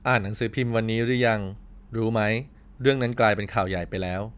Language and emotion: Thai, neutral